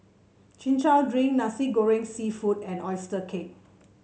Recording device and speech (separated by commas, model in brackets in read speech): mobile phone (Samsung C7), read sentence